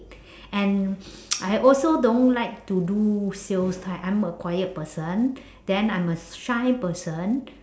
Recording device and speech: standing microphone, conversation in separate rooms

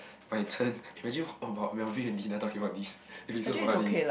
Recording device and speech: boundary microphone, conversation in the same room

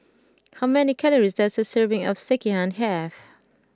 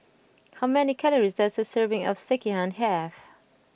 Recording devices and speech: close-talking microphone (WH20), boundary microphone (BM630), read sentence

